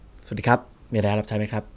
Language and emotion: Thai, neutral